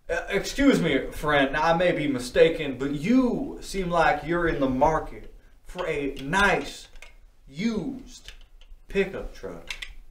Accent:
Southern Accent